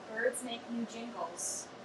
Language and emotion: English, sad